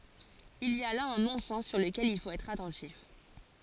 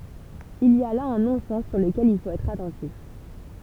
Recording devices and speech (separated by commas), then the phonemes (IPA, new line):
forehead accelerometer, temple vibration pickup, read sentence
il i a la œ̃ nɔ̃sɛn syʁ ləkɛl il fot ɛtʁ atɑ̃tif